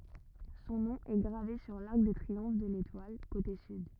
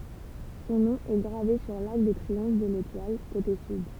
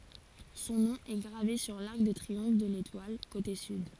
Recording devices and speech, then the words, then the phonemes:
rigid in-ear microphone, temple vibration pickup, forehead accelerometer, read sentence
Son nom est gravé sur l'arc de triomphe de l'Étoile, côté Sud.
sɔ̃ nɔ̃ ɛ ɡʁave syʁ laʁk də tʁiɔ̃f də letwal kote syd

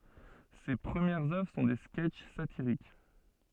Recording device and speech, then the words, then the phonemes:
soft in-ear microphone, read sentence
Ses premières œuvres sont des sketches satiriques.
se pʁəmjɛʁz œvʁ sɔ̃ de skɛtʃ satiʁik

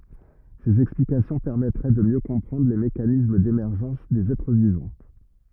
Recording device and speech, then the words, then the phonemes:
rigid in-ear microphone, read sentence
Ces explications permettraient de mieux comprendre les mécanismes d'émergence des êtres vivants.
sez ɛksplikasjɔ̃ pɛʁmɛtʁɛ də mjø kɔ̃pʁɑ̃dʁ le mekanism demɛʁʒɑ̃s dez ɛtʁ vivɑ̃

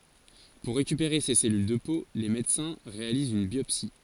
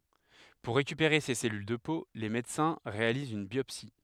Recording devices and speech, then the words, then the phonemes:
forehead accelerometer, headset microphone, read sentence
Pour récupérer ces cellules de peau, les médecins réalisent une biopsie.
puʁ ʁekypeʁe se sɛlyl də po le medəsɛ̃ ʁealizt yn bjɔpsi

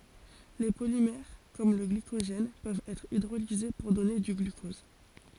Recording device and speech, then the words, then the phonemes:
forehead accelerometer, read sentence
Les polymères comme le glycogène peuvent être hydrolysés pour donner du glucose.
le polimɛʁ kɔm lə ɡlikoʒɛn pøvt ɛtʁ idʁolize puʁ dɔne dy ɡlykɔz

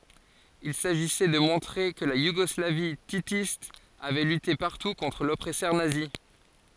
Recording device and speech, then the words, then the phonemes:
forehead accelerometer, read sentence
Il s'agissait de montrer que la Yougoslavie titiste avait lutté partout contre l'oppresseur nazi.
il saʒisɛ də mɔ̃tʁe kə la juɡɔslavi titist avɛ lyte paʁtu kɔ̃tʁ lɔpʁɛsœʁ nazi

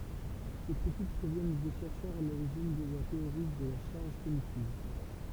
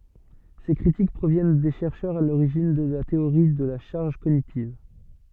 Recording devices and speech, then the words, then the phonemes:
temple vibration pickup, soft in-ear microphone, read sentence
Ces critiques proviennent des chercheurs à l'origine de la théorie de la charge cognitive.
se kʁitik pʁovjɛn de ʃɛʁʃœʁz a loʁiʒin də la teoʁi də la ʃaʁʒ koɲitiv

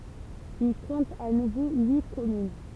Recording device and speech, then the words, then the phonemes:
temple vibration pickup, read sentence
Il compte à nouveau huit communes.
il kɔ̃t a nuvo yi kɔmyn

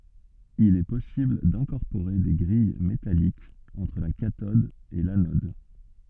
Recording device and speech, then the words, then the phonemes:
soft in-ear microphone, read sentence
Il est possible d'incorporer des grilles métalliques entre la cathode et l'anode.
il ɛ pɔsibl dɛ̃kɔʁpoʁe de ɡʁij metalikz ɑ̃tʁ la katɔd e lanɔd

